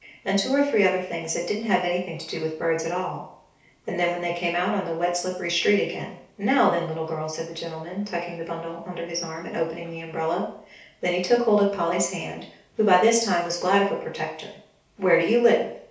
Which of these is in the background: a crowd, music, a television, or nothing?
Nothing.